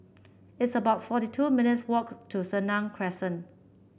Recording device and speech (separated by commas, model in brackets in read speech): boundary microphone (BM630), read sentence